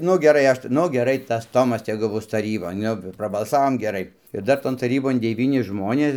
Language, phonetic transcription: Lithuanian, ˈnu geˈrai ˈaš ti ˈnu geˈrai tas ˈtomas ˈtegu ˈbus taˈrybon ˈnu prabalˈsavom geˈrai ir ˈdar ˈton taˈrybon deˈvyni ˈžmonės

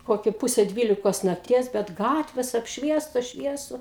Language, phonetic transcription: Lithuanian, ˈkoki ˈpuse ˈdvylikos nakˈties bet ˈgatvės apšˈviestos ˈšviesu

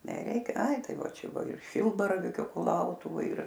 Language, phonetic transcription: Lithuanian, neˈreik ˈai ˈtai ˈva ˈčia ˈbuo ir ˈšilbaravykiu kuˈlautuvoj ir

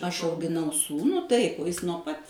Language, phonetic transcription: Lithuanian, ˈaš augiˈnau ˈsūnų ˈtaip o ˈjis nuo ˈpat

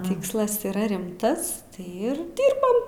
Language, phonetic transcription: Lithuanian, ˈtykslas yˈra ˈrimtas ˈir ˈdirbam

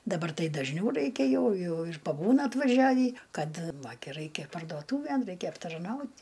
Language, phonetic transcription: Lithuanian, daˈbar ˈtai dažˈniau ˈraikia ˈjau ˈjau ir paˈbūna atvaˈžiavį ˈkad ˈva gi ˈraikia parduoˈtūvėn ˈraikia aptarˈnaut'

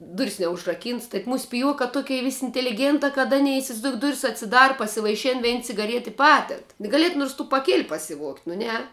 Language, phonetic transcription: Lithuanian, ˈduris neužraˈkynts tai ˈmūs piˈjuokā ˈtukei ˈvis' inteliˈgėntā kad ˈanei isivaizˈdouk ˈduris atsiˈdara pasivaiˈšin ˈvein cigaˈriet i ˈpaded gaˈliet nurs tų paˈkėl' pasiˈvuogt' nu ˈne

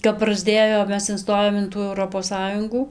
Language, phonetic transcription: Lithuanian, kap prasˈdėjom ˈmes inˈstojom in ˈtų euˈropos ˈsąjungų

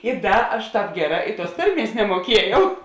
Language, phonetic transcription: Lithuanian, i ˈda aš ˈtāp ˈgeˌrā i tuos ˈtarˌmies nemuoˈkiejau

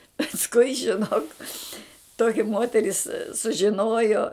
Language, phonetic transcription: Lithuanian, pasˈkui žiˈnok ˈtoki ˈmoteris sužiˈnojo

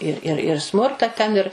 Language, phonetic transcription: Lithuanian, ir ˈir ir ˈsmurta ten ir

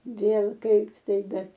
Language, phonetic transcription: Lithuanian, ˈvėl ˈkaip ˈtai ˈbet

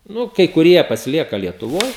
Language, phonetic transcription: Lithuanian, ˈnu kai kuˈrie pasiˈlieka lietuˈvoj

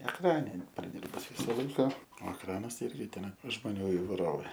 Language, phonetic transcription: Lithuanian, ekˈrane ˈin praˈdyrbus ˈvysa ˈlaika o ekˈranas ˈirgi ˈten žmoˈnių ivaiˈrovė

